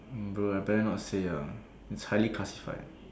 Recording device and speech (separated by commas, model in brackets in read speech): standing microphone, conversation in separate rooms